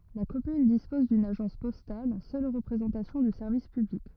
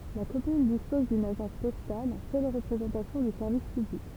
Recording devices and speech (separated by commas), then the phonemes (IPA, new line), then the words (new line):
rigid in-ear microphone, temple vibration pickup, read sentence
la kɔmyn dispɔz dyn aʒɑ̃s pɔstal sœl ʁəpʁezɑ̃tasjɔ̃ dy sɛʁvis pyblik
La commune dispose d’une agence postale, seule représentation du service public.